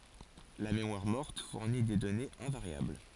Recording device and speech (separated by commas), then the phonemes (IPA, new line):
forehead accelerometer, read sentence
la memwaʁ mɔʁt fuʁni de dɔnez ɛ̃vaʁjabl